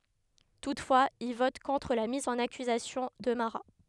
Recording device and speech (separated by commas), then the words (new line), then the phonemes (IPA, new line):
headset microphone, read sentence
Toutefois, il vote contre la mise en accusation de Marat.
tutfwaz il vɔt kɔ̃tʁ la miz ɑ̃n akyzasjɔ̃ də maʁa